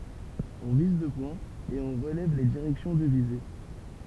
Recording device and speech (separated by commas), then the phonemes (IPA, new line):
temple vibration pickup, read sentence
ɔ̃ viz dø pwɛ̃z e ɔ̃ ʁəlɛv le diʁɛksjɔ̃ də vize